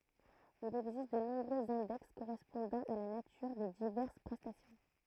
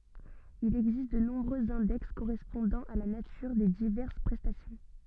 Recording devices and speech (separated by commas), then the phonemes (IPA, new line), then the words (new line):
throat microphone, soft in-ear microphone, read sentence
il ɛɡzist də nɔ̃bʁøz ɛ̃dɛks koʁɛspɔ̃dɑ̃ a la natyʁ de divɛʁs pʁɛstasjɔ̃
Il existe de nombreux index correspondant à la nature des diverses prestations.